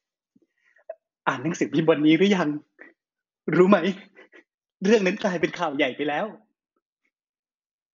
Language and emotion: Thai, sad